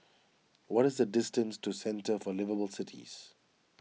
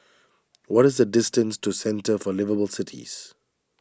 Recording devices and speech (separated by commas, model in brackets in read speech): mobile phone (iPhone 6), standing microphone (AKG C214), read sentence